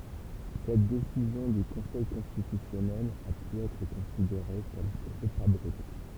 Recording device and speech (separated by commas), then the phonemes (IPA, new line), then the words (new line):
temple vibration pickup, read sentence
sɛt desizjɔ̃ dy kɔ̃sɛj kɔ̃stitysjɔnɛl a py ɛtʁ kɔ̃sideʁe kɔm tʁop abʁypt
Cette décision du Conseil constitutionnel a pu être considérée comme trop abrupte.